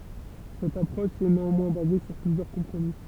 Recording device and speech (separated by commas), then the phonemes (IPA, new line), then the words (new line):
temple vibration pickup, read sentence
sɛt apʁɔʃ ɛ neɑ̃mwɛ̃ baze syʁ plyzjœʁ kɔ̃pʁomi
Cette approche est néanmoins basée sur plusieurs compromis.